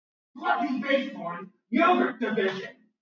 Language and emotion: English, disgusted